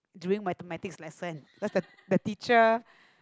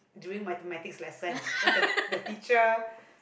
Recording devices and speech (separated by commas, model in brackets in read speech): close-talking microphone, boundary microphone, conversation in the same room